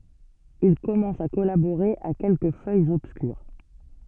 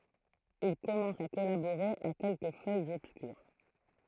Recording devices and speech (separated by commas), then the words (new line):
soft in-ear microphone, throat microphone, read sentence
Il commence à collaborer à quelques feuilles obscures.